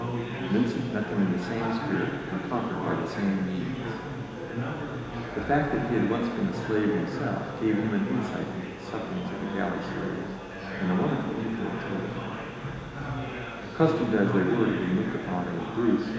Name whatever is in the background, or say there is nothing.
Crowd babble.